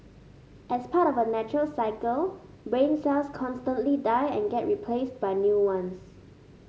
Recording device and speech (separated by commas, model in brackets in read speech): mobile phone (Samsung S8), read sentence